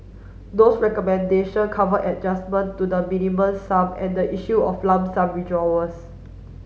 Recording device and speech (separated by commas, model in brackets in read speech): mobile phone (Samsung S8), read sentence